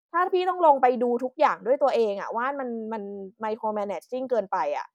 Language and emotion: Thai, frustrated